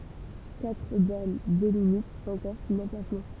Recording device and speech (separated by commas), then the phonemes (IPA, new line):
temple vibration pickup, read sentence
katʁ bɔʁn delimitt ɑ̃kɔʁ sɔ̃n ɑ̃plasmɑ̃